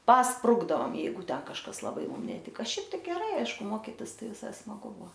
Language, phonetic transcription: Lithuanian, pasˈprukdaom ˈjeigu ˈten kažˈkas laˈbai ˈmum neˈtika ˈšiaip tai geˈrai ˈaišku ˈmokitis ˈtai viˈsai smaˈgu ˈbuo

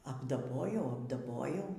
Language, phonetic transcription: Lithuanian, apdaˈbojau apdaˈbojau

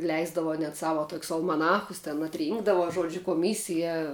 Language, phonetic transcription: Lithuanian, ˈleisdavo net ˈsava tok's' almaˈnachus ten atˈrynkdavo ˈžuodžiu koˈmysija

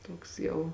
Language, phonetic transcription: Lithuanian, ˈtoks jau

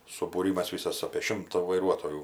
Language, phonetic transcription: Lithuanian, subūˈrymas ˈvysas apė ˈšimta vaiˈruotojų

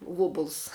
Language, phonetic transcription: Lithuanian, ˈvobuls

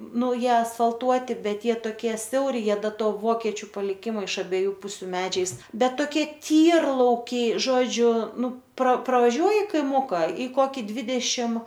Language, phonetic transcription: Lithuanian, ˈnu ˈjie asfalˈtuoti ˈbet ˈjie toˈkie ˈsiauri ˈjie ˈda ˈto ˈvokečiu paliˈkimo iš abieˈjų ˈpusiu ˈmedžiais ˈbet toˈkie ˈtyrlaukiai ˈžodžiu ˈnu pro pravaˈžiuoji kaiˈmuka y ˈkoki ˈdvidešim

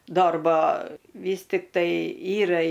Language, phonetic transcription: Lithuanian, ˈdorba ˈvys tiktai ˈyra

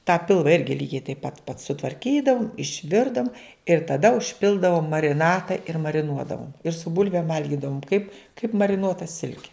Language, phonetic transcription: Lithuanian, tą ˈpilva ˈirgi ˈlygiai taip pat pat sutvarˈkydavum išˈvirdavum ir taˈda užˈpildavom mariˈnata ir mariˈnuodavom ir su ˈbulvėm ˈvalgidavom kaip kaip mariˈnuota ˈsilke

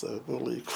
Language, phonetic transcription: Lithuanian, ˈsavo ˈlaiku

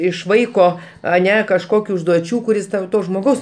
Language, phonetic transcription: Lithuanian, iš ˈvaiko aˈne kažˈkokiu užduoˈčių kuˈris tau ˈto žmoˈgaus

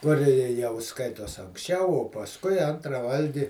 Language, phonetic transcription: Lithuanian, ˈkur i i jau ˈskaitos anksˈčiau o pasˈkui ˈantra ˈvalgi

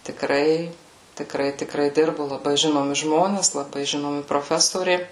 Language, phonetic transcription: Lithuanian, tiˈkrai tiˈkrai tiˈkrai ˈdirbu laˈbai ˈžinomi ˈžmones laˈbai ˈžinomi proˈfesoriai

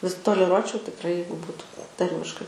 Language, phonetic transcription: Lithuanian, vis toleˈruočiau tikˈrai ˈjeigu ˈbūtu ˈtarmiškai

